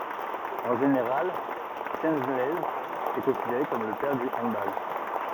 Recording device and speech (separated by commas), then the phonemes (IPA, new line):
rigid in-ear microphone, read sentence
ɑ̃ ʒeneʁal ʃəlɛnz ɛ kɔ̃sideʁe kɔm lə pɛʁ dy ɑ̃dbal